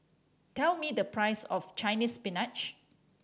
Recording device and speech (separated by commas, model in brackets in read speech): standing microphone (AKG C214), read sentence